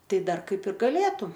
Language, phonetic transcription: Lithuanian, ˈtai ˈdar ˈkaip ir gaˈlėtu

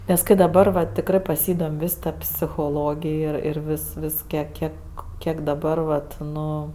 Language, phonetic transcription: Lithuanian, nes ˈkai daˈbar va tikˈrɜ paˈsydom' ˈvis ˈta psichoˈlogij ˈir ˈir ˈvis ˈvis ˈkiek ˈkiek ˈkiek daˈbar vat ˈnu

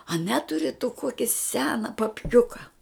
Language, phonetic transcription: Lithuanian, a ˈneturi tu ˈkoki ˈsena papˈkiuka

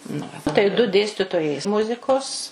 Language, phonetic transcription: Lithuanian, na ˈva tai du ˈdėstitojai ˈmuzikos

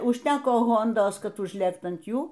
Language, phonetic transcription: Lithuanian, užˈteko ˈhondos ˈkad užˈlėkt an ˈjų

